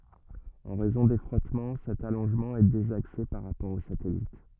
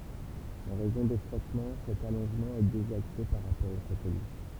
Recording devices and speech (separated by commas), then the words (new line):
rigid in-ear microphone, temple vibration pickup, read sentence
En raison des frottements, cet allongement est désaxé par rapport au satellite.